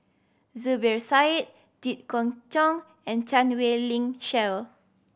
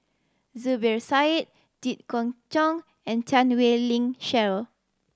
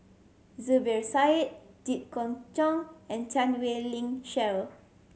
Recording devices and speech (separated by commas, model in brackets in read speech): boundary microphone (BM630), standing microphone (AKG C214), mobile phone (Samsung C7100), read sentence